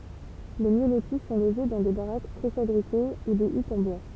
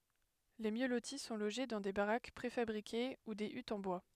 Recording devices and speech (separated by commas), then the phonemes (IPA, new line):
temple vibration pickup, headset microphone, read sentence
le mjø loti sɔ̃ loʒe dɑ̃ de baʁak pʁefabʁike u de ytz ɑ̃ bwa